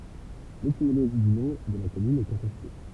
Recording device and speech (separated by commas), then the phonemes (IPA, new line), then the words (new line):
temple vibration pickup, read sentence
letimoloʒi dy nɔ̃ də la kɔmyn ɛ kɔ̃tɛste
L'étymologie du nom de la commune est contestée.